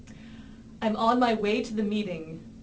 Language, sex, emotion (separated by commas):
English, female, neutral